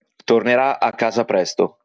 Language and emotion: Italian, neutral